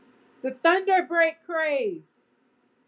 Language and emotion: English, sad